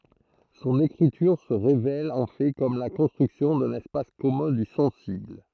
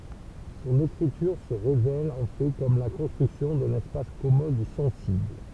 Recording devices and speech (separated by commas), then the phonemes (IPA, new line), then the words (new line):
throat microphone, temple vibration pickup, read sentence
sɔ̃n ekʁityʁ sə ʁevɛl ɑ̃ fɛ kɔm la kɔ̃stʁyksjɔ̃ dœ̃n ɛspas kɔmœ̃ dy sɑ̃sibl
Son écriture se révèle en fait comme la construction d'un espace commun du sensible.